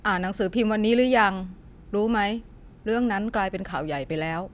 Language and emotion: Thai, neutral